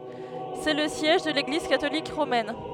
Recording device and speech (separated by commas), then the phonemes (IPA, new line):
headset microphone, read sentence
sɛ lə sjɛʒ də leɡliz katolik ʁomɛn